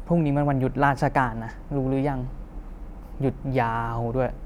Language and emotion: Thai, frustrated